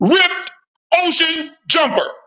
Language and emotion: English, disgusted